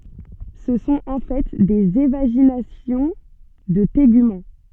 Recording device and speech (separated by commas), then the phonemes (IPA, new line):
soft in-ear microphone, read sentence
sə sɔ̃t ɑ̃ fɛ dez evaʒinasjɔ̃ də teɡymɑ̃